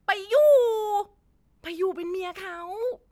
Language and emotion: Thai, happy